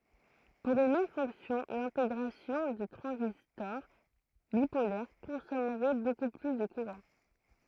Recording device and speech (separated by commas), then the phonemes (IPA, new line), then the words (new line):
throat microphone, read sentence
puʁ yn mɛm fɔ̃ksjɔ̃ lɛ̃teɡʁasjɔ̃ də tʁɑ̃zistɔʁ bipolɛʁ kɔ̃sɔmʁɛ boku ply də kuʁɑ̃
Pour une même fonction, l’intégration de transistors bipolaires consommerait beaucoup plus de courant.